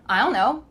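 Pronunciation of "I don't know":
In 'I don't know', the d sound of 'don't' is cut out, so no d is heard.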